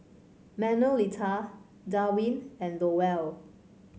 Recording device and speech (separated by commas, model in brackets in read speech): mobile phone (Samsung C5), read sentence